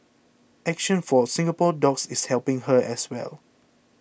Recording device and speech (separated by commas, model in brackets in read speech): boundary microphone (BM630), read sentence